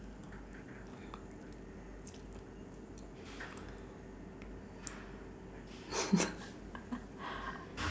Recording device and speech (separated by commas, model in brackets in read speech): standing microphone, conversation in separate rooms